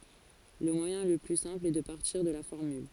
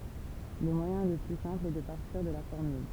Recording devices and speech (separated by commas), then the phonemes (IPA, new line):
forehead accelerometer, temple vibration pickup, read sentence
lə mwajɛ̃ lə ply sɛ̃pl ɛ də paʁtiʁ də la fɔʁmyl